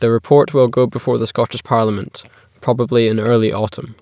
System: none